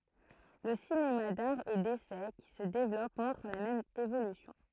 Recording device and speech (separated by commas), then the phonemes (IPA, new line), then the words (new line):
throat microphone, read sentence
lə sinema daʁ e desɛ ki sə devlɔp mɔ̃tʁ la mɛm evolysjɔ̃
Le cinéma d'art et d'essai qui se développe montre la même évolution.